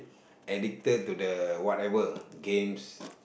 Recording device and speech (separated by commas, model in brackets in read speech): boundary microphone, conversation in the same room